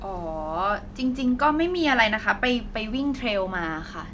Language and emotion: Thai, neutral